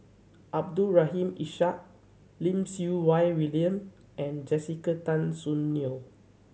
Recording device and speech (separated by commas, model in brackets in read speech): mobile phone (Samsung C7100), read sentence